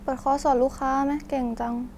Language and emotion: Thai, frustrated